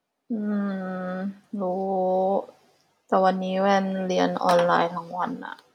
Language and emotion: Thai, frustrated